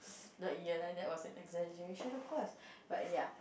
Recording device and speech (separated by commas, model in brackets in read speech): boundary microphone, conversation in the same room